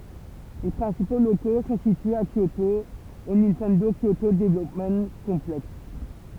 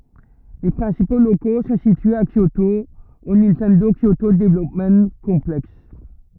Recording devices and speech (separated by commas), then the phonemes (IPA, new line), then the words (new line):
temple vibration pickup, rigid in-ear microphone, read sentence
le pʁɛ̃sipo loko sɔ̃ sityez a kjoto o nintɛndo kjoto dəvlɔpm kɔ̃plɛks
Les principaux locaux sont situés à Kyoto au Nintendo Kyoto Development Complex.